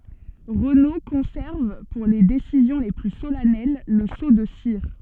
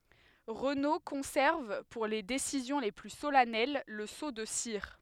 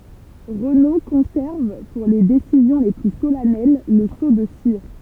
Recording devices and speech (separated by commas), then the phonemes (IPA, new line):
soft in-ear microphone, headset microphone, temple vibration pickup, read sentence
ʁəno kɔ̃sɛʁv puʁ le desizjɔ̃ le ply solɛnɛl lə so də siʁ